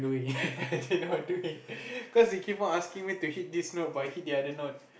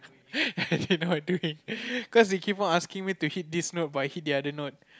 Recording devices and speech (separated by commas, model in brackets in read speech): boundary microphone, close-talking microphone, conversation in the same room